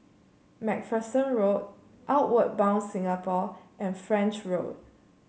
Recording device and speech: mobile phone (Samsung C7), read sentence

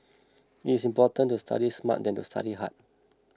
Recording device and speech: close-talking microphone (WH20), read sentence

